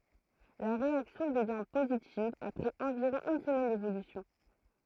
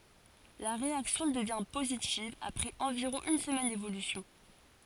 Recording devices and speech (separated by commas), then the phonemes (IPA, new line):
throat microphone, forehead accelerometer, read sentence
la ʁeaksjɔ̃ dəvjɛ̃ pozitiv apʁɛz ɑ̃viʁɔ̃ yn səmɛn devolysjɔ̃